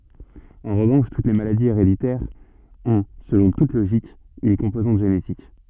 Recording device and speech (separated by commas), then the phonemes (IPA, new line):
soft in-ear microphone, read sentence
ɑ̃ ʁəvɑ̃ʃ tut le maladiz eʁeditɛʁz ɔ̃ səlɔ̃ tut loʒik yn kɔ̃pozɑ̃t ʒenetik